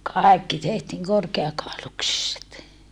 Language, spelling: Finnish, kaikki tehtiin korkeakauluksiset
- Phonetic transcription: kàekki tehtiiŋ korkeakàoluksiset .

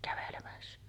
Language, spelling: Finnish, kävelemässä
- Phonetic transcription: kävelemässᴀ̈ .

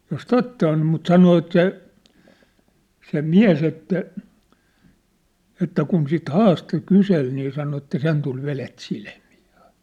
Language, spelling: Finnish, jos totta on mutta sanoi että se se mies että että kun sitten haastoi kyseli niin sanoi että sen tuli vedet silmiin
- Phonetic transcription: jos "totta on̳ mut 'sano et 'se , se "miä̭s ‿että , että kun sit 'haasto 'kysel nii sano että 'sen tul 'velet 'silmii .

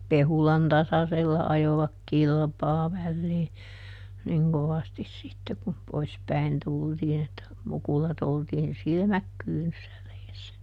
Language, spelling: Finnish, Pehulan tasaisella ajoivat kilpaa väliin niin kovasti sitten kun pois päin tultiin että mukulat oltiin silmät kyynyssä reessä
- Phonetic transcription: "Pehulan ˈtasasella ˈajovak "kilpaa vällii , ˈniŋ kovastis ˈsitte kum ˈpois päin ˈtultiin ‿että , ˈmukulat ‿oltiin "silmäk ˈkyynyssä reessä .

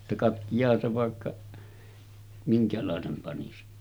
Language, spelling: Finnish, että katkeaahan se vaikka minkälaisen panisi
- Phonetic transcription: [et]tä » 'katkijaahan se vàekka , 'miŋkälàesem panisi « .

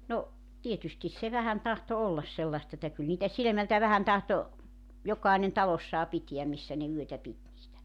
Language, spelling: Finnish, no tietysti se vähän tahtoi olla sellaista että kyllä niitä silmältä vähän tahtoi jokainen talossaan pitää missä ne yötä piti niitä
- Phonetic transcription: no , 'tietystis se 'vähän tahto 'ollas 'sellast ‿että kyl niitä 'silᵉmältä vähän tahto , 'jok̀aenen 'talossaa 'pitiäm 'missä ne 'yötä 'pit niitä .

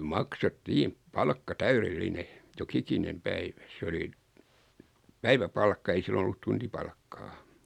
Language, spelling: Finnish, maksettiin palkka täydellinen joka ikinen päivä se oli päiväpalkka ei silloin ollut tuntipalkkaa
- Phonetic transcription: makset"tiim , 'palkka "täyrel"line , 'jo"kikinem 'päivä 'se oli , 'päivä'palkka ei 'silloⁿ ‿ollut 'tuntipalkkaa .

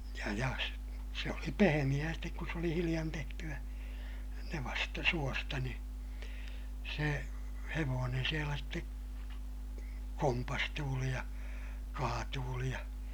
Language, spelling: Finnish, ja ja - se oli pehmeää sitten kun se oli hiljan tehtyä nevasta suosta niin se hevonen siellä sitten kompastuili ja kaatuili ja
- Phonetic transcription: ja ja s- , se oli pehemiʲää stek kus s ‿oli hiliʲan tehty₍ä , nevasta , suosta ni , se hevoonen sielä ste , kompastuuli ja , kaatuuli ja ,.

